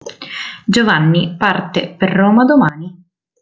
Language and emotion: Italian, neutral